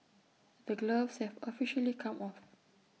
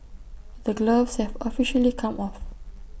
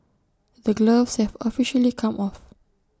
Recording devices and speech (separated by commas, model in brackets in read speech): mobile phone (iPhone 6), boundary microphone (BM630), standing microphone (AKG C214), read sentence